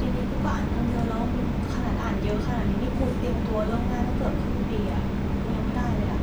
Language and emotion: Thai, frustrated